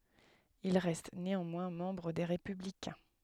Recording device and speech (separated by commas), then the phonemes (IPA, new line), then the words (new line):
headset microphone, read sentence
il ʁɛst neɑ̃mwɛ̃ mɑ̃bʁ de ʁepyblikɛ̃
Il reste néanmoins membre des Républicains.